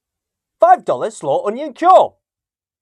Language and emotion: English, surprised